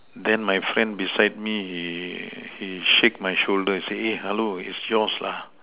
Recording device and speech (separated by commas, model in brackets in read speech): telephone, conversation in separate rooms